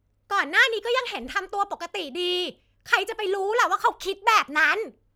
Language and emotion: Thai, angry